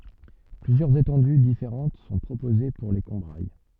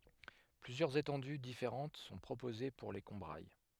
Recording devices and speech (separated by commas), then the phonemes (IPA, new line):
soft in-ear microphone, headset microphone, read sentence
plyzjœʁz etɑ̃dy difeʁɑ̃t sɔ̃ pʁopoze puʁ le kɔ̃bʁaj